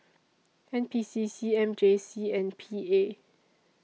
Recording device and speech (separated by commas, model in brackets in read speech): mobile phone (iPhone 6), read sentence